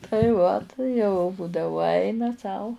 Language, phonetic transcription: Lithuanian, tai ˈvat jau ˈbūdavu ˈaina sau

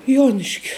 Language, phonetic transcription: Lithuanian, ˈjuoniškiu

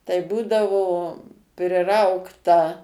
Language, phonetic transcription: Lithuanian, tai ˈbūdavo priˈraugta

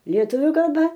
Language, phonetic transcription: Lithuanian, lieˈtuviu kalˈba

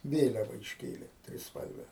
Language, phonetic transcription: Lithuanian, ˈvėliava išˈkėlė trisˈpalve

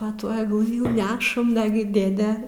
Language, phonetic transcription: Lithuanian, pa ˈtuo agˈlɨ jau ˈnešam ˈnagi ˈdėde

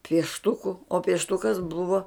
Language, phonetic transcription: Lithuanian, piešˈtuku o piešˈtukas ˈbuvo

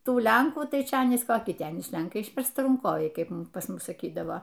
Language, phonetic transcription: Lithuanian, ˈtų ˈlenkų ˈtai ˈčia ˈanys koˈki ˈten iš ˈlenkai išverstaranˈkoviai ˈkaip pas ˈmus saˈkydavo

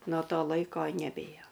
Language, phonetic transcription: Lithuanian, no ˈto ˈlaiko neˈbėjo

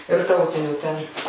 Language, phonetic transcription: Lithuanian, ir ˈtautinių ten

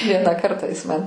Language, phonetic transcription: Lithuanian, ˈvieną ˈkartą ˈjis man

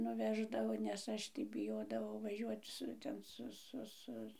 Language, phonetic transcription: Lithuanian, nuˈveždavo nes ˈaš tai biˈjodavau vaˈžiuot ˈsu ˈten ˈsu ˈsu ˈsu

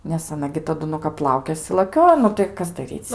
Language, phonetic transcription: Lithuanian, nes aˈna gi taˈdu nu kap ˈlaukėsi laˈkiojo ˈnu tai ˈkas daˈryc

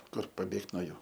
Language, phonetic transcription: Lithuanian, ˈkur paˈbėgt no ˈjų

